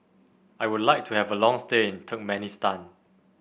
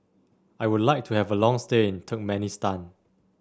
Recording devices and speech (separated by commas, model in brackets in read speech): boundary microphone (BM630), standing microphone (AKG C214), read sentence